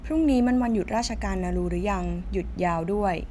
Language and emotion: Thai, neutral